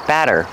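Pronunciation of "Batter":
In 'batter', the double t sounds like a fast d.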